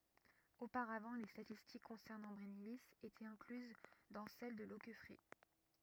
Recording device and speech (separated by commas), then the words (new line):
rigid in-ear microphone, read sentence
Auparavant les statistiques concernant Brennilis étaient incluses dans celles de Loqueffret.